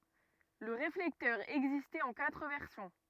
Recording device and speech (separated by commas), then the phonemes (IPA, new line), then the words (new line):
rigid in-ear microphone, read sentence
lə ʁeflɛktœʁ ɛɡzistɛt ɑ̃ katʁ vɛʁsjɔ̃
Le réflecteur existait en quatre versions.